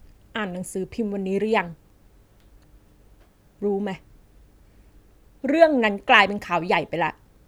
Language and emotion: Thai, frustrated